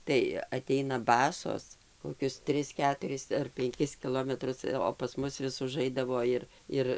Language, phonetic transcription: Lithuanian, tai aˈteina ˈbasos koˈkius ˈtris ˈketuris ar penˈkis kiˈlometrus o pas ˈmus vis uˈžaidavo ˈir ˈir

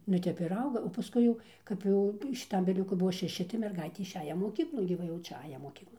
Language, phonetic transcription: Lithuanian, nu ˈtep ir ˈauga o paˈskui jau kap ˈjau šiˈtam viˈliuku ˈbuo šeˈši tai merˈgaitė išˈeja moˈkyklon gi ˈva jau ˈčia ˈaja moˈkyklon

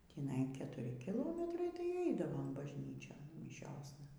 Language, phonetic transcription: Lithuanian, tįˈnai ketuˈri kiˈlometrai tai ˈeidavom bažˈnyčion miˈšiosna

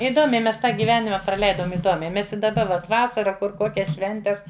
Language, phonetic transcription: Lithuanian, iˈdomiai mes ˈtą gyˈvenima praˈleidom iˈdomiai ˈmes i daˈba ˈvat ˈvasara ˈkur ˈkokias ˈšventes

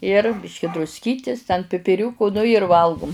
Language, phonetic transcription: Lithuanian, ir ˈbiški drusˈkytis ten pipiˈriūku ˈnu ir ˈvalgum

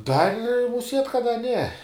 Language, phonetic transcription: Lithuanian, ˈdar' muˈsiet' kad da ne

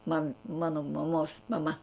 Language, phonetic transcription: Lithuanian, man ˈmano maˈmos maˈma

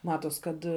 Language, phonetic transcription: Lithuanian, ˈmatos kad

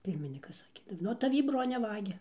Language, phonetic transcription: Lithuanian, ˈpirminykas ˈsakė nuo taˈvį ˈbrone ˈvagia

